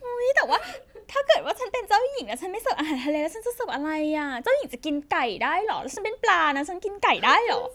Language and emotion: Thai, happy